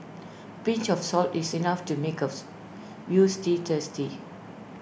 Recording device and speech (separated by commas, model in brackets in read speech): boundary microphone (BM630), read sentence